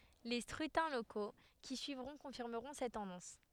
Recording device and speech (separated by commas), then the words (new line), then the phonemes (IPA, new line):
headset microphone, read sentence
Les scrutins locaux qui suivront confirmeront cette tendance.
le skʁytɛ̃ loko ki syivʁɔ̃ kɔ̃fiʁməʁɔ̃ sɛt tɑ̃dɑ̃s